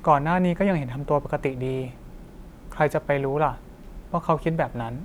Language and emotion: Thai, neutral